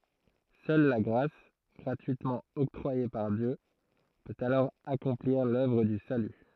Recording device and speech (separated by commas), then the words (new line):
throat microphone, read sentence
Seule la grâce, gratuitement octroyée par Dieu, peut alors accomplir l'œuvre du salut.